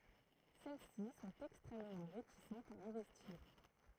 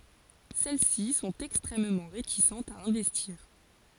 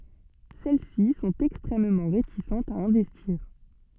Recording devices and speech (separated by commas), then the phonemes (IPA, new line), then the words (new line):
throat microphone, forehead accelerometer, soft in-ear microphone, read sentence
sɛl si sɔ̃t ɛkstʁɛmmɑ̃ ʁetisɑ̃tz a ɛ̃vɛstiʁ
Celles-ci sont extrêmement réticentes à investir.